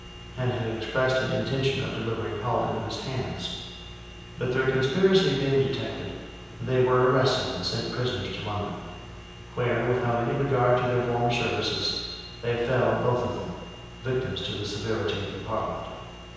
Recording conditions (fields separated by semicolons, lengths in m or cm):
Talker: one person; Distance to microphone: 7.1 m; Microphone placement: far; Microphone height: 1.7 m; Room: very reverberant, large; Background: none